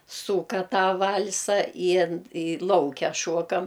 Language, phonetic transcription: Lithuanian, ˈsūka ˈtą ˈvalsa i i ˈlauke ˈšuokam

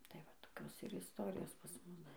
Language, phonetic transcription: Lithuanian, tai va toˈkios ir isˈtorijos pas ˈmus

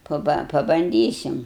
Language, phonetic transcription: Lithuanian, paˈba pabanˈdysim

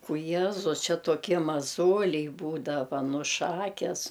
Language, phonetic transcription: Lithuanian, u ˈjiezus ˈčia toˈkie maˈzoliai ˈbūdava ˈnu ˈšakes

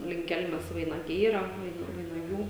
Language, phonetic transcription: Lithuanian, link ˈkelmes vainaˈgiai ˈyra ˈvaina vainaˈgių

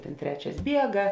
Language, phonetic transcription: Lithuanian, ˈtėn ˈtrečias ˈbiega

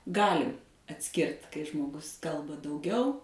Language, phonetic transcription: Lithuanian, ˈgali atˈskirt kai žmoˈgus ˈkalba dauˈgiau

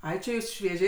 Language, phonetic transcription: Lithuanian, ˈai či ˈjūs švieˈžiai

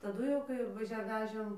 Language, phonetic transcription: Lithuanian, taˈdu jau kai vaˈžia ˈvežėm

